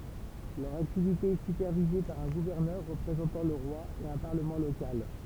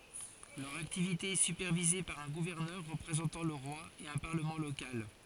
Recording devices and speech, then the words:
temple vibration pickup, forehead accelerometer, read sentence
Leur activité est supervisée par un gouverneur représentant le roi et un Parlement local.

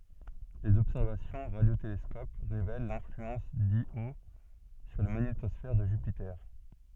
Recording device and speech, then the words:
soft in-ear microphone, read sentence
Les observations au radiotélescope révèlent l'influence d'Io sur la magnétosphère de Jupiter.

